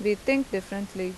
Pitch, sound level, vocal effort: 200 Hz, 85 dB SPL, loud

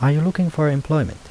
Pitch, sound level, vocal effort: 150 Hz, 80 dB SPL, soft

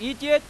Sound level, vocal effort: 99 dB SPL, very loud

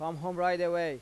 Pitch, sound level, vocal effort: 170 Hz, 96 dB SPL, loud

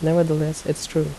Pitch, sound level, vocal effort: 155 Hz, 76 dB SPL, soft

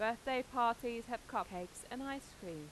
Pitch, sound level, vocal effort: 235 Hz, 90 dB SPL, normal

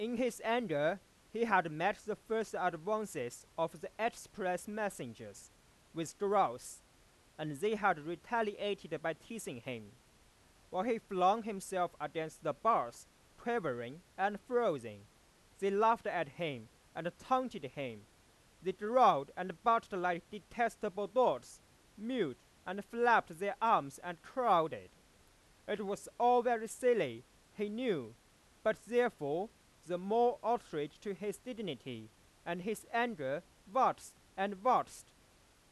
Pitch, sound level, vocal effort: 195 Hz, 98 dB SPL, very loud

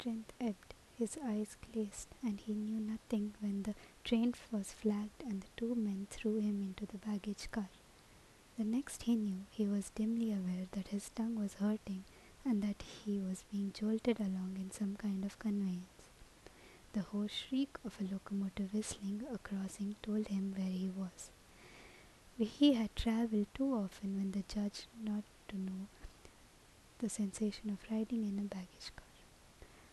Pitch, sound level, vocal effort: 210 Hz, 75 dB SPL, soft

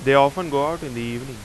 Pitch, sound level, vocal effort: 140 Hz, 91 dB SPL, loud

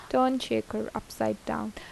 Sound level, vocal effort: 79 dB SPL, normal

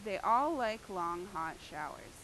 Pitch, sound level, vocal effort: 185 Hz, 91 dB SPL, loud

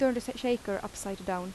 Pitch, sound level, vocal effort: 205 Hz, 82 dB SPL, normal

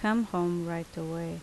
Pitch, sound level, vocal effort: 170 Hz, 79 dB SPL, normal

